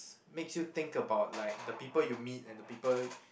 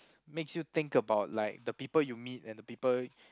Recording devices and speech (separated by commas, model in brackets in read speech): boundary microphone, close-talking microphone, conversation in the same room